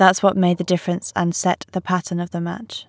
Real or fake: real